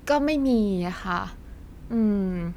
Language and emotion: Thai, frustrated